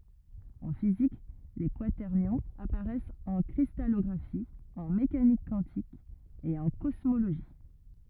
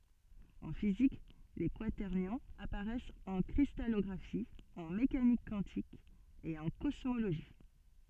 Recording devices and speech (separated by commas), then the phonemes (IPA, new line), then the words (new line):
rigid in-ear microphone, soft in-ear microphone, read sentence
ɑ̃ fizik le kwatɛʁnjɔ̃z apaʁɛst ɑ̃ kʁistalɔɡʁafi ɑ̃ mekanik kwɑ̃tik e ɑ̃ kɔsmoloʒi
En physique, les quaternions apparaissent en cristallographie, en mécanique quantique et en cosmologie.